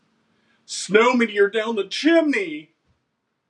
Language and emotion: English, happy